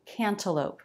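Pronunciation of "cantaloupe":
In 'cantaloupe', the T after the n is pronounced as a true T and is not dropped.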